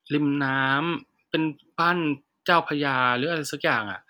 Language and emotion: Thai, neutral